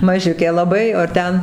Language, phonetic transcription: Lithuanian, maˈžiukė laˈbai o ar ˈten

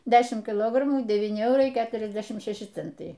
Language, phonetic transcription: Lithuanian, ˈdešim kiˈlogramų deˈvyni ˈeurai ˈketriasdešim ˈšeši ˈcentai

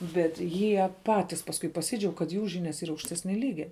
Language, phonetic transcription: Lithuanian, bet ˈjie ˈpatis pasˈkui paˈsydžiaug kad ˈjų ˈžynias ˈyra aukšˈtesnia ˈlygia

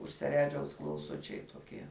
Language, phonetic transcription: Lithuanian, už seˈredžiaus klauˈsučiai toˈkie

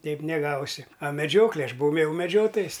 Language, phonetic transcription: Lithuanian, ˈteip neˈgausi a meˈdžioklė ˈaš buˈvau m jau meˈdžiotojas

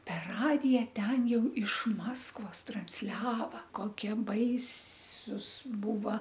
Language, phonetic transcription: Lithuanian, per ˈradija ˈten ˈjau iš ˈmaskvos transˈliava ˈkokie ˈbaisūs ˈbūva

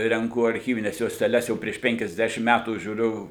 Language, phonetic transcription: Lithuanian, renˈku arˈchyvines juosteˈles ˈjau prieš ˈpenkiasˌdešim metų žiūˈriu

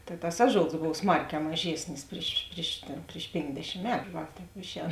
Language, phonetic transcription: Lithuanian, tai tas ˈaˌžols ˈbov ˈsmarˌkē maˈžėsnis ˈpriš priš tėn priš ˈpėnkdešim ˈmetu ˈva ˈtēp ˈišˌēn

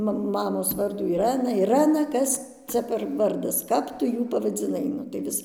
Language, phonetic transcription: Lithuanian, ˈma ˈmamos ˈvardų iˈrɜna iˈrɜna ˈkas ˈcia per ˈvardas ˈkap tu ˈjų pavadziˈnai ˈnu tai ˈvis

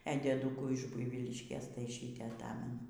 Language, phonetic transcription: Lithuanian, e dieˈdukų iš ˈbuivyliškės tai ˈšytė aˈtamenu

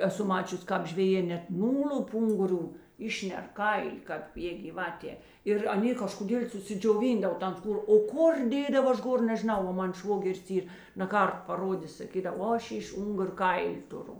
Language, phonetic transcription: Lithuanian, eˈsu ˈmačius' ˈkāp žveˈjė net ˈnūl'up ˈunguˌrių ˈišner ˈkaili kāp jė gyˈvatė ir aˈnė kažkoˈdėl' susidžioˈvyndav ˈtan ˈskūr o ˈkur ˈdėdav ˈaš ˈgor nežiˈnau ˈva ˈman ˈšvogeris ˈyr naˈkart paˈrodės saˈkydav o ˈaš iš ˈungur' ˈkaili tuˈru

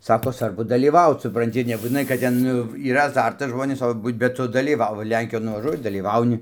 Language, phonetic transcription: Lithuanian, ˈsako ˈsvarbu dalyˈvaut supranˈti nebūtiˈnai kad ˈten ˈnu yˈra aˈzartas ˈžmonės ˈto ˈbūt bet ˈtu dalyˈvau ˈlenkijon nuvaˈžuoji dalyˈvauni

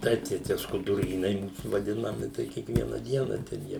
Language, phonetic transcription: Lithuanian, ˈtaip tai ˈtie skuduˈrynai ˈmūs vaˈdinami tai ˈkiekviena ˈdiena ten ˈjie

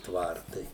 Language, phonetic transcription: Lithuanian, ˈtvartai

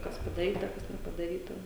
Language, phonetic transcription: Lithuanian, ˈkas padaˈryta ˈkas nepadaˈryta

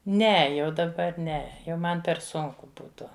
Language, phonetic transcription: Lithuanian, ˈne jau daˈbar ˈne jau ˈman per ˈsunku ˈbūtu

